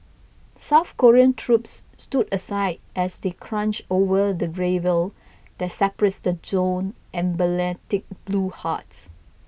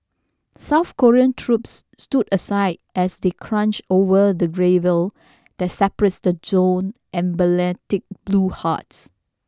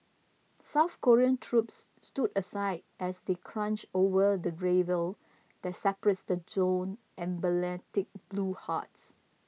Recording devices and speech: boundary microphone (BM630), standing microphone (AKG C214), mobile phone (iPhone 6), read sentence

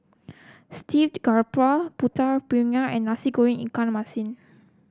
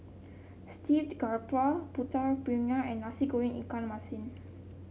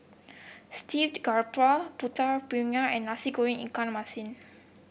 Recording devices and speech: close-talking microphone (WH30), mobile phone (Samsung C7), boundary microphone (BM630), read sentence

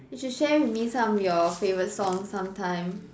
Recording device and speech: standing microphone, conversation in separate rooms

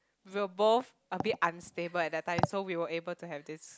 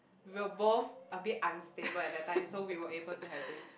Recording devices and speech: close-talking microphone, boundary microphone, conversation in the same room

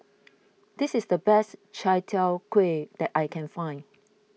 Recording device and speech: mobile phone (iPhone 6), read sentence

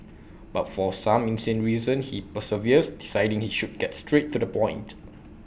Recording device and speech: boundary microphone (BM630), read sentence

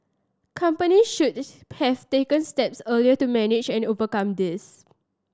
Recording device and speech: standing microphone (AKG C214), read sentence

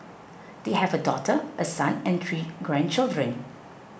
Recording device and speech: boundary microphone (BM630), read sentence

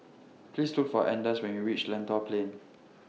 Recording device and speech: mobile phone (iPhone 6), read sentence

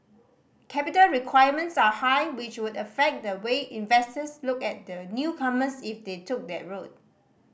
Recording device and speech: boundary microphone (BM630), read sentence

